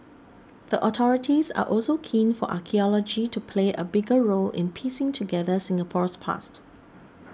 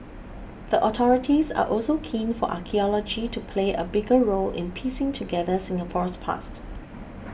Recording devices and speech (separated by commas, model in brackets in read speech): standing microphone (AKG C214), boundary microphone (BM630), read sentence